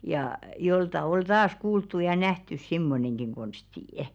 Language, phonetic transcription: Finnish, jà , 'jolta 'ol "taas kuulttu ja nähtys "simmoneŋɢiŋ 'ɢonstì' .
- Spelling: ja joltakin oli taas kuultu ja nähty semmoinenkin konsti

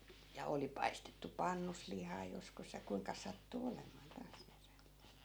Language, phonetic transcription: Finnish, ja 'oli paistettu "pannus 'lihaa joskus ja 'kuiŋka sattu 'olemàn 'taas (niiren) .
- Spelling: ja oli paistettu pannussa lihaa joskus ja kuinka sattui olemaan taas niiden

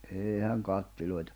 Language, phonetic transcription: Finnish, 'èihäŋ 'kattiloitᴀ .
- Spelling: eihän kattiloita

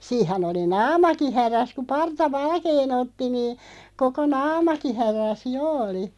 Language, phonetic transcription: Finnish, 'siih̆hän ‿oli "naamaki 'häräs ku 'parta "valkee'n ‿otti nii , 'koko "naamaki 'härä̀s "jo oli .
- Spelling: siinähän oli naamakin hädässä kun parta valkean otti niin koko naamakin hädässä jo oli

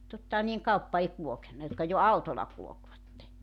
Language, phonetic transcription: Finnish, 'tottahan nii₍eŋ 'kauppa ei 'kulokenna jotka jo "autol̆la 'kulᵒkvatte .
- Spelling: tottahan niiden kauppa ei kulkenut jotka jo autolla kulkivat

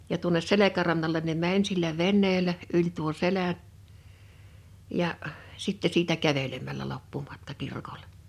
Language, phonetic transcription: Finnish, ja tuones 'selekärannalen ne "mäń sillä "venneelä , 'yĺ tuo "selä’ ja' , sitte siitä 'kävelemäl̆lä 'loppumatka 'kirkolᴇ .
- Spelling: ja tuonne selkärannalle ne meni sillä veneellä yli tuon selän ja sitten siitä kävelemällä loppumatka kirkolle

